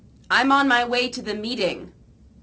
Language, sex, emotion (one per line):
English
female
neutral